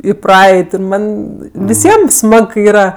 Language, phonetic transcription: Lithuanian, i ˈpraeit' ir ˈman' viˈsiem ˈsmag kai ˈyra

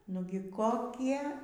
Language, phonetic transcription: Lithuanian, ˈnugi koˈkie

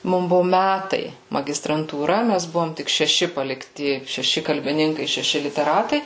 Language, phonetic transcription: Lithuanian, ˈmum ˈbuvo ˈmætai magistrantūˈra ˈmæs ˈbuvom tik šeˈši palikˈti šeˈši kalbiˈninkai šeˈši liteˈratai

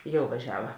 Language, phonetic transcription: Lithuanian, ˈjau vaˈžiava

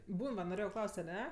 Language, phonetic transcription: Lithuanian, ˈbūn va noˈrėjau ˈklaust aˈne

